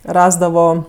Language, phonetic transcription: Lithuanian, ˈrasdavo

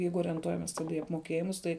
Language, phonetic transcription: Lithuanian, ˈjeigu orenˈtuojames ˈtada į apmoˈkėjimus ˈtai

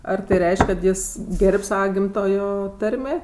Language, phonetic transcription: Lithuanian, ar tai ˈreišk' kad ˈjis ˈger'b' ˈsava ˈgimtojo ˈtarmė

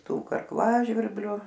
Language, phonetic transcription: Lithuanian, ˈtų karˈklažvirbliu

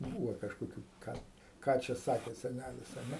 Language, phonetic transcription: Lithuanian, ˈbūvo kažkoˈkių ˈką ˈką čia ˈsakė seˈnælis a ˈne

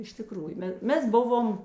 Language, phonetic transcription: Lithuanian, iš tiˈkrųju ˈme ˈmes ˈbuvom

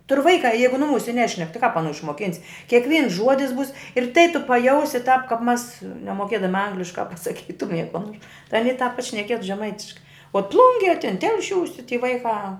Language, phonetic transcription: Lithuanian, tur' ˈvaikā ˈjeigu nuˈmūse ˈnešnek ti kāp aˈnų išmoˈkins' kiekˈvyns ˈžuodis būs ir tai tu paˈjausi tāp kap mas nemoˈkiedami ˈangliškā pasaˈkytumie ko nor aˈny tāp pašneˈkietu žeˈmaitiškai o ˈplungie tin ˈtelšiūsi ti ty ˈvaikā

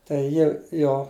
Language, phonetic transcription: Lithuanian, tai ˈji ˈjo

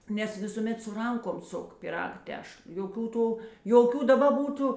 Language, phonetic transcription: Lithuanian, nes ˈvisūˌmet su ˈrankom ˈsuk pyˈrag ˈtešl joˈkių ˈtų joˈkių daˈba ˈbūtu

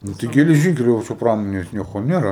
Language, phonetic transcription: Lithuanian, ˈnu tai geleˈžynkeliu o ka ˈčia ˈpramonės ˈnieko ˈnėra

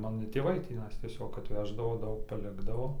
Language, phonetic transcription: Lithuanian, ˈmano ˈtėvai tįˈnais tieˈsiog atˈveždavo ˈdaug paˈlikdavo

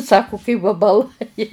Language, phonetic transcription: Lithuanian, ˈsaku kai vabaˈlai

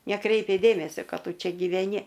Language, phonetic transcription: Lithuanian, neˈkreipia ˈdėmesio ˈkad ˈtu ˈčia gyveˈni

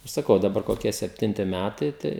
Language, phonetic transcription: Lithuanian, ir saˈkau daˈbar koˈkie sepˈtinti ˈmætai ˈtai

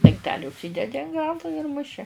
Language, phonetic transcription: Lithuanian, dangˈteli užˈsydedi an ˈgalu ir muˈši

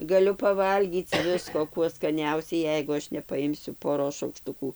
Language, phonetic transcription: Lithuanian, gaˈliu paˈvalgyc ˈvisko ˈkuo skaˈniausiai ˈjeigu ˈaš nepaˈimsiu poˈros šaukˈštukų

